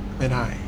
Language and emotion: Thai, frustrated